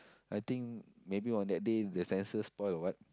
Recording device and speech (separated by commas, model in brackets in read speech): close-talking microphone, conversation in the same room